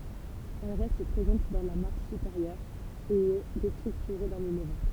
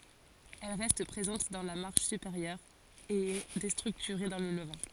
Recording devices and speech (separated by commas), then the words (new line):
temple vibration pickup, forehead accelerometer, read sentence
Elle reste présente dans la marche supérieure et est déstructurée dans le levant.